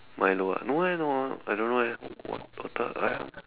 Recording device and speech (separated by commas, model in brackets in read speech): telephone, conversation in separate rooms